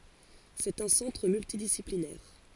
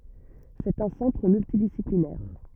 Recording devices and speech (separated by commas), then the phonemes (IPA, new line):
forehead accelerometer, rigid in-ear microphone, read sentence
sɛt œ̃ sɑ̃tʁ myltidisiplinɛʁ